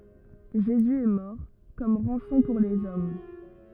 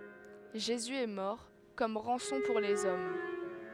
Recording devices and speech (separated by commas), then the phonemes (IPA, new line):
rigid in-ear microphone, headset microphone, read sentence
ʒezy ɛ mɔʁ kɔm ʁɑ̃sɔ̃ puʁ lez ɔm